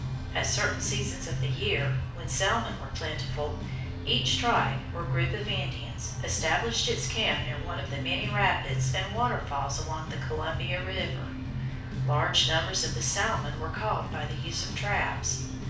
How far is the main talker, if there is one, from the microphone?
5.8 m.